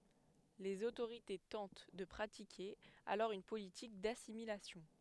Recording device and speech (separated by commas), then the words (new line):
headset microphone, read sentence
Les autorités tentent de pratiquer alors une politique d'assimilation.